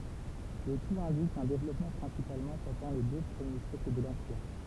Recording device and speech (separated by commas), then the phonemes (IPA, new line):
temple vibration pickup, read sentence
lə tut ɛ̃dik œ̃ devlɔpmɑ̃ pʁɛ̃sipalmɑ̃ pɑ̃dɑ̃ le dø pʁəmje sjɛkl də lɑ̃piʁ